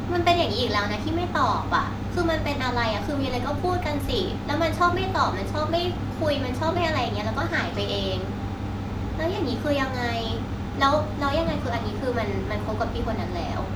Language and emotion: Thai, frustrated